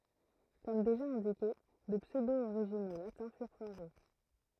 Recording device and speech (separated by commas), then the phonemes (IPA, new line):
throat microphone, read sentence
kɔm deʒa ɛ̃dike də psødooʁiʒino latɛ̃ fyʁ fɔʁʒe